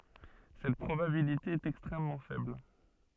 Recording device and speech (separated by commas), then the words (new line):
soft in-ear microphone, read sentence
Cette probabilité est extrêmement faible.